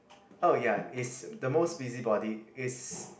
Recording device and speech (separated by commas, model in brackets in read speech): boundary microphone, conversation in the same room